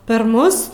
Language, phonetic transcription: Lithuanian, per ˈmus

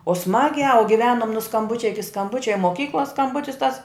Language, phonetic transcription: Lithuanian, o ˈsmagiā u giˈvenum nu skamˈbučia iki skamˈbučia i moˈkyklos skamˈbutis tas

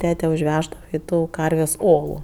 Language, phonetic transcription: Lithuanian, ˈtete užˈveždava i ˈtų ˈkarvės' ˈolu

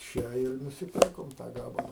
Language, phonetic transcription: Lithuanian, ˈčia ir nusiˈpirkom tą ˈgabala

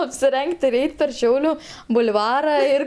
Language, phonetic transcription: Lithuanian, apsiˈreng't' ir ˈeit' per ˈšiauliu bul'ˈvara ir

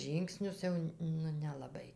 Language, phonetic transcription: Lithuanian, ˈžyngsnius ˈjau nu nelaˈbai

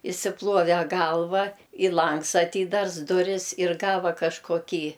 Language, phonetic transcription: Lithuanian, išsiˈpluove ˈgalva i ˈlangs aˈtydars ˈduris ir ˈgava kažkoˈkį

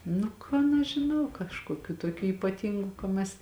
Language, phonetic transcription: Lithuanian, ˈnu ˈkan aš žiˈnau kažkoˈkių toˈkių ypaˈtyngu ka ˈmes

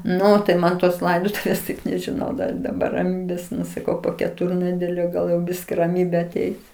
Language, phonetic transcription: Lithuanian, ˈnu tai ˈman tos ˈlaidotuvės taip nežiˈnau dar i daˈbar raˈmybės ˈnu saˈkau po keˈturnedelio ˈgal jau ˈbiski raˈmybė aˈteis

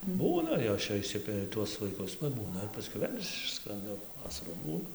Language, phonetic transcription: Lithuanian, ˈbūna ˈjos čia išˈsiperi tuos vaiˈkus paˈbūna ir pasˈkiau ˈvėl' ˈišskranda ˈvasarų ˈbūna

